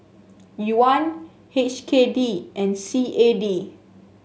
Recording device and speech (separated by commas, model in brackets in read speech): mobile phone (Samsung S8), read sentence